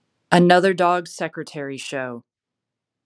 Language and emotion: English, neutral